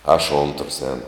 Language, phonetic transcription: Lithuanian, aš ontrs ˈēnu

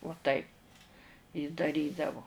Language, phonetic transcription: Lithuanian, uo ˈtaip ji daˈrydavo

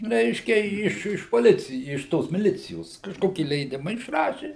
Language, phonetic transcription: Lithuanian, ˈreiškia iš iš poˈlicij iš ˈtos miˈlicijos kažˈkoki leiˈdima išˈraši

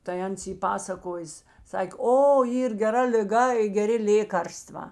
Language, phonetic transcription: Lithuanian, tai ˈans ˈy ˈpasakojės ˈsakė ˈo ˈyr geˈra liˈga i geˈri ˈlėkarstvā

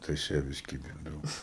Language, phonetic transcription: Lithuanian, tai aš ˈją vis ˈkybindavau

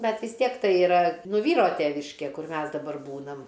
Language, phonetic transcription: Lithuanian, ˈbet vis ˈtiek ˈtai iˈra ˈnu ˈvyro ˈteviškė ˈkur ˈmes daˈbar ˈbūnam

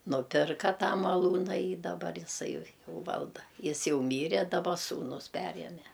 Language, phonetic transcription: Lithuanian, nuˈpirka ˈtą maˈlūna y daˈbar iˈsai ˈjau ˈvalda ˈjis ˈjau ˈmyre daˈba ˈsūnus ˈperieme

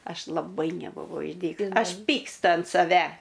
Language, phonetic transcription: Lithuanian, ˈaš laˈbai nebuˈvau išˈdykus ˈaš ˈpykstu ant saˈve

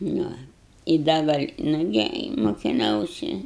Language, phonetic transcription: Lithuanian, ˈnu i ˈda gal' ˈnugi i mukiˈnausi

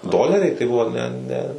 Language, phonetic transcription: Lithuanian, ˈdoleriai tai ˈbuvo ˈne ˈne

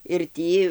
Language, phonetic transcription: Lithuanian, ir ˈtį

